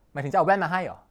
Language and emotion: Thai, neutral